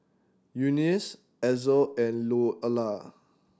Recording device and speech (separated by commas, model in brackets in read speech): standing microphone (AKG C214), read sentence